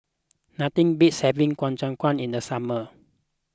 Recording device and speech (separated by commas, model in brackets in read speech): close-talking microphone (WH20), read sentence